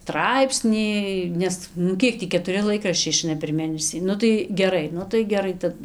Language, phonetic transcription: Lithuanian, ˈtraipsnį ˈnes nu ˈkiek tį ketuˈri ˈlaikraščiai iˈšaina per ˈmėnesį ˈnu tai geˈrai ˈnu tai geˈrai ˈtad

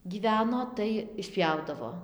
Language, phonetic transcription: Lithuanian, gyˈveno tai išˈpjaudavo

